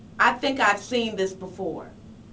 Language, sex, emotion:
English, female, neutral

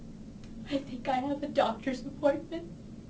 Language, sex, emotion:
English, female, sad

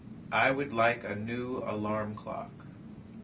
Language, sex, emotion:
English, male, neutral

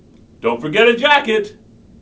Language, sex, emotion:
English, male, neutral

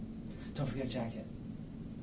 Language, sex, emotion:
English, male, neutral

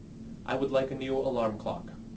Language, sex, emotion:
English, male, neutral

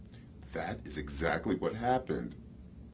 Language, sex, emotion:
English, male, neutral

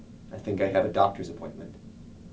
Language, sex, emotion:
English, male, neutral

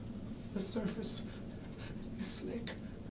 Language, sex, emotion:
English, male, sad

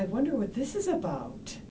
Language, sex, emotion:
English, female, neutral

